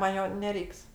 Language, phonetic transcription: Lithuanian, man ˈjo neˈreiks

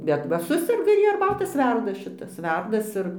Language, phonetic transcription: Lithuanian, bet ˈva ˈsuserga ir ˈjie arˈbatas ˈverdas šiˈtas ˈverdas ir

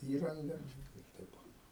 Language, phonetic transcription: Lithuanian, ˈįranga ir ˈteip o

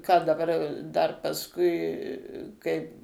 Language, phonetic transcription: Lithuanian, ką daˈbar dar pasˈkui ˈkaip

